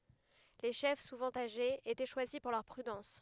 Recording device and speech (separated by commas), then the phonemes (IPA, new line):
headset microphone, read sentence
le ʃɛf suvɑ̃ aʒez etɛ ʃwazi puʁ lœʁ pʁydɑ̃s